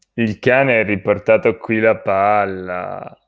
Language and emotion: Italian, disgusted